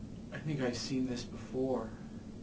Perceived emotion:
neutral